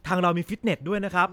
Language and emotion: Thai, neutral